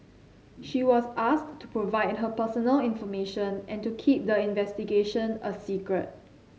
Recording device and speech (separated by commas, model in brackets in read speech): mobile phone (Samsung C7), read sentence